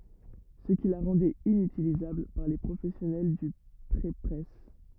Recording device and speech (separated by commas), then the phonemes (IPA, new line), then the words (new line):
rigid in-ear microphone, read sentence
sə ki la ʁɑ̃dɛt inytilizabl paʁ le pʁofɛsjɔnɛl dy pʁepʁɛs
Ce qui la rendait inutilisable par les professionnels du prépresse.